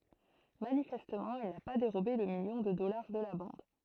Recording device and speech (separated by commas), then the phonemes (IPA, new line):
throat microphone, read sentence
manifɛstmɑ̃ il na pa deʁobe lə miljɔ̃ də dɔlaʁ də la bɑ̃d